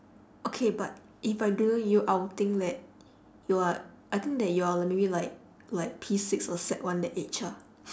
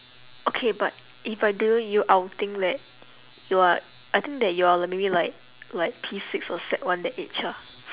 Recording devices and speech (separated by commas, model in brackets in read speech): standing microphone, telephone, conversation in separate rooms